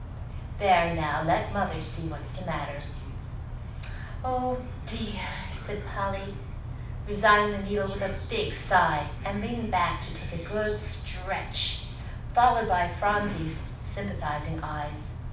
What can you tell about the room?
A moderately sized room (about 5.7 m by 4.0 m).